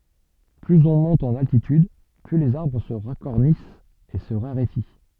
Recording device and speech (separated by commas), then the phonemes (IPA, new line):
soft in-ear microphone, read sentence
plyz ɔ̃ mɔ̃t ɑ̃n altityd ply lez aʁbʁ sə ʁakɔʁnist e sə ʁaʁefi